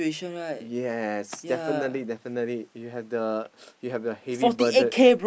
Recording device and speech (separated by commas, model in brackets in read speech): boundary microphone, conversation in the same room